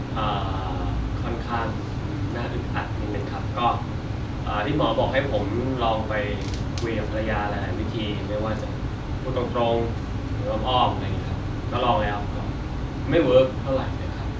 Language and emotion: Thai, frustrated